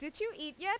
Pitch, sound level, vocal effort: 380 Hz, 94 dB SPL, loud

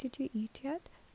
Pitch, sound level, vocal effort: 270 Hz, 71 dB SPL, soft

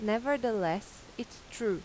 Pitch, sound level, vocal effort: 220 Hz, 86 dB SPL, normal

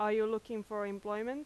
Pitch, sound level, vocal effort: 215 Hz, 91 dB SPL, loud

